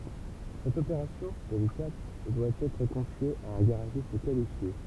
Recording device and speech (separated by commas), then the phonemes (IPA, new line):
temple vibration pickup, read sentence
sɛt opeʁasjɔ̃ delikat dwa ɛtʁ kɔ̃fje a œ̃ ɡaʁaʒist kalifje